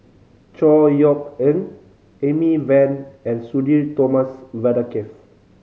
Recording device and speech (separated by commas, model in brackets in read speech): mobile phone (Samsung C5010), read sentence